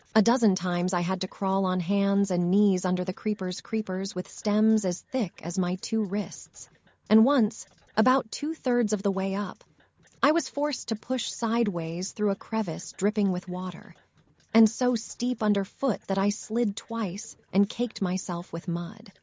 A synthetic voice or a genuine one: synthetic